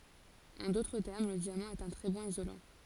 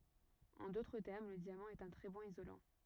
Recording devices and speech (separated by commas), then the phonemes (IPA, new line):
forehead accelerometer, rigid in-ear microphone, read sentence
ɑ̃ dotʁ tɛʁm lə djamɑ̃ ɛt œ̃ tʁɛ bɔ̃n izolɑ̃